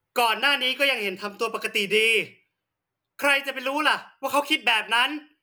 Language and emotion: Thai, angry